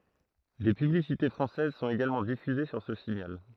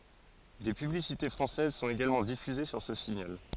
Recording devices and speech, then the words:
throat microphone, forehead accelerometer, read sentence
Des publicités françaises sont également diffusés sur ce signal.

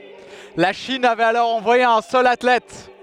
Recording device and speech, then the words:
headset microphone, read sentence
La Chine avait alors envoyé un seul athlète.

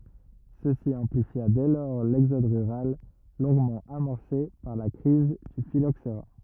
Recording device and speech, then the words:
rigid in-ear microphone, read sentence
Ceci amplifia dès lors l'exode rural, longuement amorcé par la crise du phylloxera.

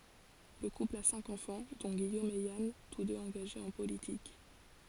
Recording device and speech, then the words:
forehead accelerometer, read sentence
Le couple a cinq enfants, dont Guillaume et Yann, tous deux engagés en politique.

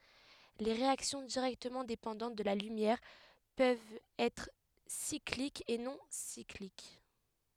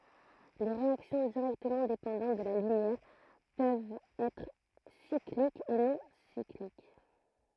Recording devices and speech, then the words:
headset microphone, throat microphone, read sentence
Les réactions directement dépendantes de la lumière peuvent être cycliques ou non cycliques.

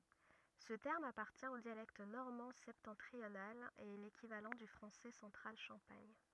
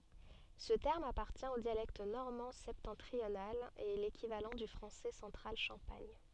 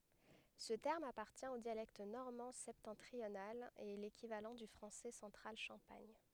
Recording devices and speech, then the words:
rigid in-ear microphone, soft in-ear microphone, headset microphone, read sentence
Ce terme appartient au dialecte normand septentrional et est l'équivalent du français central champagne.

